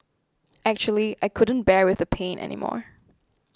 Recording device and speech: close-talking microphone (WH20), read sentence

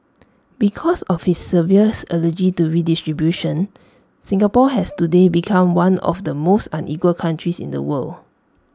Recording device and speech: standing microphone (AKG C214), read sentence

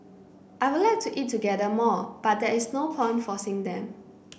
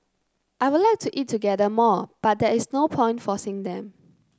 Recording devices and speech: boundary microphone (BM630), close-talking microphone (WH30), read sentence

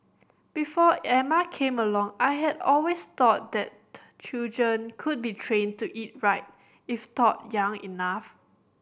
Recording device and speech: boundary microphone (BM630), read sentence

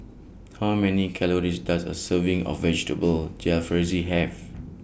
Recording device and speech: boundary microphone (BM630), read sentence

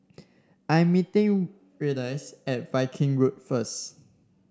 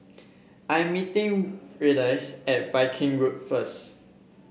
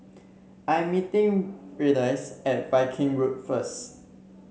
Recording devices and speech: standing microphone (AKG C214), boundary microphone (BM630), mobile phone (Samsung C7), read sentence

